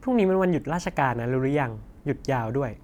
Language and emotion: Thai, neutral